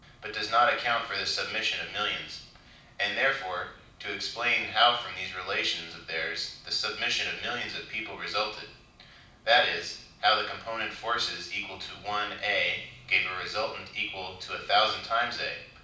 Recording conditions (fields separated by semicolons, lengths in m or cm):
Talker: one person; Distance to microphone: 5.8 m; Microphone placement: far; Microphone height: 1.8 m; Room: medium-sized (5.7 m by 4.0 m); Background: none